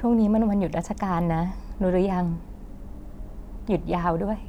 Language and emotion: Thai, sad